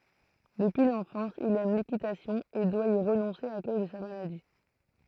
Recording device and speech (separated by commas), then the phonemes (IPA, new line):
throat microphone, read sentence
dəpyi lɑ̃fɑ̃s il ɛm lekitasjɔ̃ e dwa i ʁənɔ̃se a koz də sa maladi